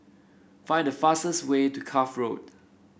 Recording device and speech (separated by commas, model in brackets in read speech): boundary microphone (BM630), read sentence